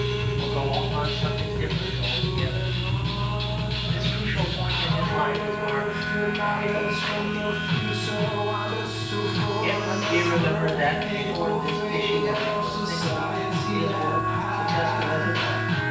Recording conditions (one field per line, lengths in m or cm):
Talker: one person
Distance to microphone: 9.8 m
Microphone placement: far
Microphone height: 1.8 m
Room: large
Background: music